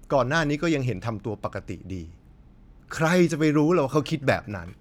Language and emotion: Thai, frustrated